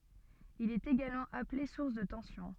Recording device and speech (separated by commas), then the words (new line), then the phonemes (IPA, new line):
soft in-ear microphone, read sentence
Il est également appelé source de tension.
il ɛt eɡalmɑ̃ aple suʁs də tɑ̃sjɔ̃